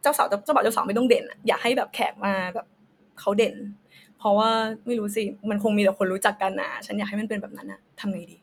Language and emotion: Thai, neutral